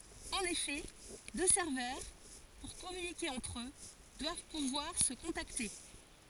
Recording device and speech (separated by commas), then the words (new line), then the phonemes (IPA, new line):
forehead accelerometer, read sentence
En effet, deux serveurs, pour communiquer entre eux, doivent pouvoir se contacter.
ɑ̃n efɛ dø sɛʁvœʁ puʁ kɔmynike ɑ̃tʁ ø dwav puvwaʁ sə kɔ̃takte